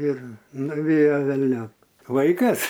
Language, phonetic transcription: Lithuanian, ˈir nuˈvėjo velˈniop ˈvaikas

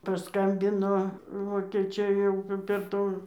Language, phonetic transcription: Lithuanian, paˈskambino vokėˈčiai jau p per ˈtų

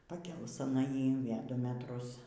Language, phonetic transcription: Lithuanian, paˈkėlus aˈna ˈjį i ˈvė ˈdu meˈtrus

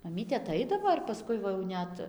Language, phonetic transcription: Lithuanian, maˈmytė aˈtaidavo ir paˈskui va jau ˈnet

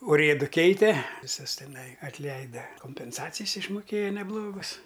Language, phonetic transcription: Lithuanian, uˈrėdu ˈkeite viˈsus teˈnai atˈleida kompenˈsacijs išmuˈkėja neˈblogus

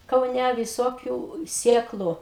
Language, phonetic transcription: Lithuanian, kauˈnæ viˈsokiu ˈsėklu

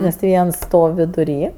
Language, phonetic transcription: Lithuanian, nes ti ˈviens ˈstov' viduˈry

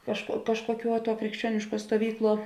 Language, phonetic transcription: Lithuanian, kažkuo ˈkažkuoˌkiuo tuo krikšˈčiuonišˌkuo stuoˈvykˌluo

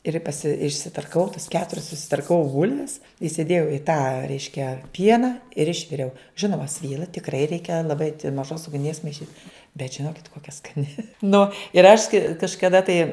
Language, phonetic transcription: Lithuanian, ir paˈsi išsitarkaˈvau tas ˈketurias susitarkaˈvau ˈbulves isiˈdėjau i tą ˈreiškia ˈpiena ir ˈišviriau ˈžinoma ˈsvyla tikˈrai ˈreikia an laˈbait' maˈžos ugˈnies maiˈšyt bet žinokit kokia skaˈni ˈnu ir aš kai kažkaˈda tai

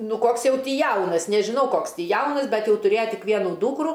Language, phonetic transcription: Lithuanian, ˈnu ˈkoks ˈjau ˈtį ˈjaunas nežiˈnau ˈkoks ˈtį ˈjaunas ˈbet jau tuˈrėja ˈtik ˈvienu ˈdūkru

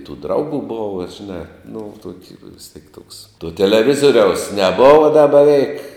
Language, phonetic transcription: Lithuanian, tų ˈdraugų ˈbova žiˈnā nu ˈtoki vis tiek ˈtoks tuo teleˈvizoriaus neˈbova da beˈveik

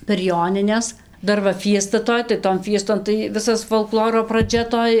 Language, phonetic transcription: Lithuanian, per ˈjonines ˈdar va ˈfiesta ˈtoj tai ton ˈfieston tai ˈvisas folˈkloro praˈdžia toj

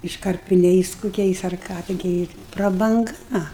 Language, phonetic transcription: Lithuanian, iškarpiˈniais kuˈkiais ar ˈką tiˈgi prabanˈga

